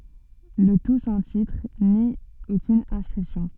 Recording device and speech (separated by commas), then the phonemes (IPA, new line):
soft in-ear microphone, read sentence
lə tu sɑ̃ titʁ ni okyn ɛ̃skʁipsjɔ̃